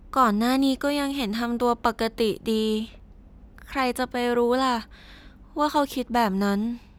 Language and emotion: Thai, neutral